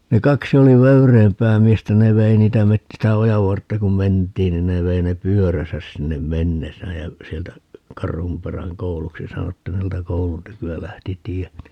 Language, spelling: Finnish, ne kaksi oli vöyreämpää miestä ne vei niitä - sitä ojan vartta kun mentiin niin ne vei ne pyöränsä sinne mennessään ja sieltä Karhunperän kouluksi sanottiin niin sieltä koulun tyköä lähti tie niin
- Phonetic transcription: ne 'kaksi oli "vöyreempää 'miestä - ne 'vei niitä 'met- , sitä "ojav 'vartta kum "ment̀iin nin ne 'vei ne "pyöräsäs 'sinnem "mennesääj jä , 'sieltä , 'Karhumperäŋ "kouluksi 'sanottiin nin 'sieltä "koulun 'tyky₍ä 'lähti "tie (ni) , .

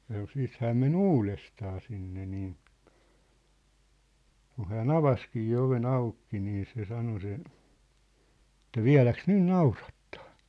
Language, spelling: Finnish, sanoi sitten hän meni uudestaan sinne niin kun hän avasikin oven auki niin se sanoi se että vieläkö nyt naurattaa
- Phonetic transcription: sano 'siit 'hääm men "uulestaa sinne niin̬ , 'kun̬ hään "avaskii 'ove"n ‿aukki nii se 'sano se , ᵉt̆tä » "viä̭läks "nyn "naurattᴀᴀ ? «

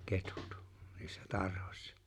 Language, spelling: Finnish, ketut niissä tarhassa
- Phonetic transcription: 'ketᴜt , niissä 'tarhᴏśsᴀ .

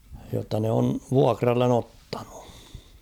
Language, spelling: Finnish, jotta ne on vuokralle ottanut
- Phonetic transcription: jotta ne on̳ "vuakrallen ‿'ottaɴᴜ .

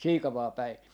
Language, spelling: Finnish, Siikavaan päin
- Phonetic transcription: "Siikavaa 'päi .

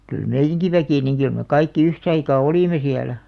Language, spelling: Finnish, kyllä meidänkin väki niin kyllä me kaikki yhtä aikaa olimme siellä
- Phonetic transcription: kyl "meijjäŋki 'väkì niŋ kyl me "kaikki 'yhtaikaa "olìme 'siälä .

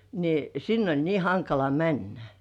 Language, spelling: Finnish, niin sinne oli niin hankala mennä
- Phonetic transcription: ni 'sinn ‿oĺ 'nii "haŋkala "männä .

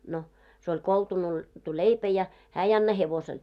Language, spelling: Finnish, no se oli koltunoitu leipä ja hän ei anna hevoselle
- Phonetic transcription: no , se oĺ 'koltunoitu "leipä ja , 'hää 'ei anna 'hevosel .

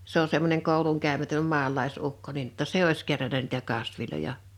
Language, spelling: Finnish, se on semmoinen koulunkäymätön maalaisukko niin jotta se olisi kerännyt niitä kasveja
- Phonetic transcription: 'se ‿o 'semmoneŋ 'kòuluŋkä̀ymätöm 'ma̳a̳l̆lais₍ukko nin (jo)tta "se 'ois keränä nìtä 'kasviloja .

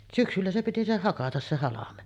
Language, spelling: Finnish, syksyllä se piti se hakata se halme
- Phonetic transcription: "syksyllä se piti 'se 'hakatas se 'halame .

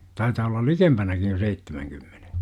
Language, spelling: Finnish, taitaa olla likempänä jo seitsemänkymmenen
- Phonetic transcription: 'taitaa ollal "likempänäkij jo 'seittemäŋkymmeNE .

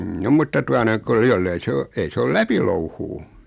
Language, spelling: Finnish, mm mutta tuota noin kuule jos ei se ole ei se ole läpilouhua
- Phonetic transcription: m̥ 'mutta tua noiŋ (kuule) 'jollei se o , 'ei se 'oi "läpilouhuu .

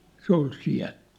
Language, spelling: Finnish, se oli siellä
- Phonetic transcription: 'se ‿ol 'siä̭l !

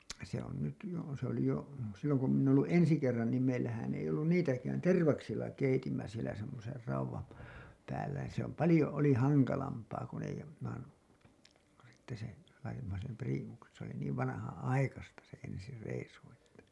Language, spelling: Finnish, se on nyt jo se oli jo silloin kun minä olen ollut ensi kerran niin meillähän ei ollut niitäkään tervaksilla keitimme siellä semmoisen raudan - päällä niin se on paljon oli hankalampaa kun ei - sitten se laitoimme sen priimuksen se oli niin vanhanaikaista se ensi reissu että
- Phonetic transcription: se ‿on nyt jo , se ‿oli jo , silloŋ ku min̆n ‿oo ‿llu '’ensi kerran niim meillähän ei ollun "niitäkään , "tervaksilla 'keitimmä sielä semmoser 'rauwam pää- , päällä ni ‿se ‿om "palĭjo oli 'haŋkalampaa kun ‿ei ‿jo- , sitte se , laitimma sem "priimuksen̬ , se ‿oli niiv vanahan₍'aikasta se ensi 'reisu että .

